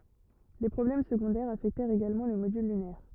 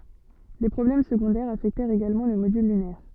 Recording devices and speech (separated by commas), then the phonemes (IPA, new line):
rigid in-ear microphone, soft in-ear microphone, read sentence
de pʁɔblɛm səɡɔ̃dɛʁz afɛktɛʁt eɡalmɑ̃ lə modyl lynɛʁ